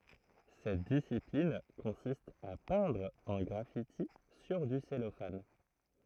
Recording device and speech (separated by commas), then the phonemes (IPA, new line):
throat microphone, read sentence
sɛt disiplin kɔ̃sist a pɛ̃dʁ œ̃ ɡʁafiti syʁ dy sɛlofan